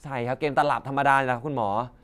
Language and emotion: Thai, neutral